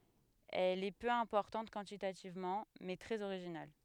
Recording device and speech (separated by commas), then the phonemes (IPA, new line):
headset microphone, read sentence
ɛl ɛ pø ɛ̃pɔʁtɑ̃t kwɑ̃titativmɑ̃ mɛ tʁɛz oʁiʒinal